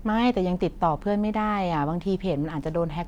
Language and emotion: Thai, neutral